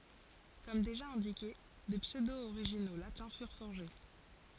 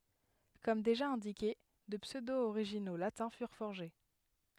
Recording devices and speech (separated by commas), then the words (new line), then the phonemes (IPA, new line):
forehead accelerometer, headset microphone, read sentence
Comme déjà indiqué, de pseudo-originaux latins furent forgés.
kɔm deʒa ɛ̃dike də psødooʁiʒino latɛ̃ fyʁ fɔʁʒe